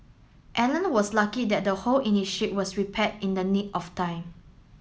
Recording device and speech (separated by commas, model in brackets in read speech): mobile phone (Samsung S8), read sentence